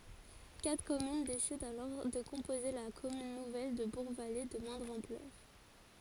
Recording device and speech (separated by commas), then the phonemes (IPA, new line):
forehead accelerometer, read sentence
katʁ kɔmyn desidɑ̃ alɔʁ də kɔ̃poze la kɔmyn nuvɛl də buʁɡvale də mwɛ̃dʁ ɑ̃plœʁ